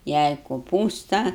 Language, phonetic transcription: Lithuanian, ˈjai koˈpūsta

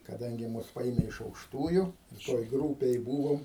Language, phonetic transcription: Lithuanian, kaˈdangi ˈmus ˈpaėme iš aukšˈtųju toj ˈgrūpėj ˈbūvom

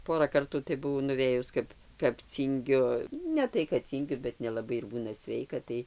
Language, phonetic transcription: Lithuanian, ˈpora ˈkartų tai buˈvau nuˈvėjus ˈkap kap ˈcyngiu ˈne tai kad ˈcyngiu bet nelaˈbai ir ˈbūna ˈsveika ˈtai

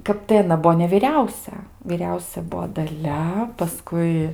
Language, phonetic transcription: Lithuanian, ˈkap tai aˈna ˈbuo neviˈriausia vyˈriausia ˈbuvo daˈlia paˈskui

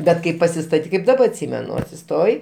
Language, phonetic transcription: Lithuanian, ˈbet kai pasistaˈtyk kaip daˈba atˈsymenu atsiˈstoji

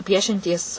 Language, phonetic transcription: Lithuanian, ˈpiešiantys

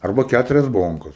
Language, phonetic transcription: Lithuanian, arˈba ˈkæturias ˈbonkas

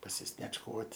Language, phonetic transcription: Lithuanian, pasisniečˈkuot'

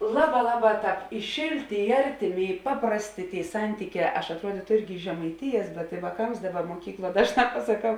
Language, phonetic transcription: Lithuanian, ˈlaˌbā ˈlaˌbā ˈtāp i ˈšėlˌtė i ˈartiˌmė i ˈpaprasˌtė ˈtėi ˈsantyˌkē aš atˈruodytu ˈirgi žemaiˈtijas bet i vāˈkams ˈdaˌba muoˈkykˌluo ˈdažˌnā pasaˈkau

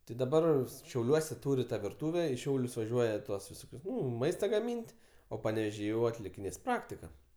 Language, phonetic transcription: Lithuanian, ti daˈbar šiauˈliuose ˈtūri ˈtą virˈtūve i ˈšiaulius vaˈžiuoja ˈtuos viˈsokius ˈnu ˈmaista gaˈmyn't' o paneveˈžy jau atlikiˈnės ˈpraktika

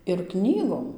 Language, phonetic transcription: Lithuanian, ir ˈknygom

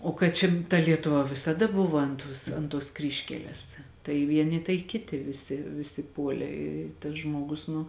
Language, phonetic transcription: Lithuanian, o kad ˈčia ta lietuˈva visaˈda ˈbuva ant ˈtos ant tuos ˈkryžkeles tai ˈvieni tai ˈkiti viˈsi viˈsi ˈpuolė i tas ˈžmogus nu

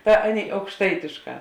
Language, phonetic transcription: Lithuanian, ˈta ˈaˌnėi aukšˈtaitėšˌkā

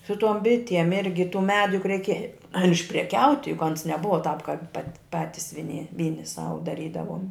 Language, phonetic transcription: Lithuanian, su ˈtuom ˈbitiem ˈirgi tų ˈmedu juk reiˈkė ar išpreˈkiauti juk ˈans neˈbuva tāp kāp pat ˈpatis viˈni ˈvyni ˈsau daˈrydavuom

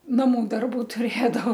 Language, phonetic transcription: Lithuanian, naˈmu ˈdarbu tuˈrėdavo

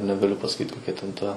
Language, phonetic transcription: Lithuanian, negaˈliu pasaˈkyt koˈkia ten ˈta

